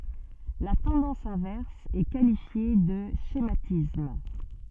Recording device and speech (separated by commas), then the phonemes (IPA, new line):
soft in-ear microphone, read sentence
la tɑ̃dɑ̃s ɛ̃vɛʁs ɛ kalifje də ʃematism